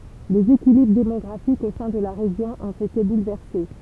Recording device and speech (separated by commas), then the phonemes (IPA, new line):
temple vibration pickup, read sentence
lez ekilibʁ demɔɡʁafikz o sɛ̃ də la ʁeʒjɔ̃ ɔ̃t ete bulvɛʁse